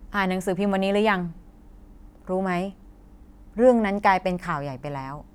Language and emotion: Thai, frustrated